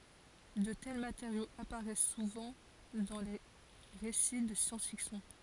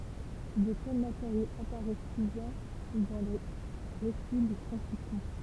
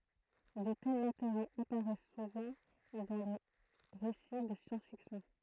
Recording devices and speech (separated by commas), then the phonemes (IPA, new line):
forehead accelerometer, temple vibration pickup, throat microphone, read sentence
də tɛl mateʁjoz apaʁɛs suvɑ̃ dɑ̃ de ʁesi də sjɑ̃s fiksjɔ̃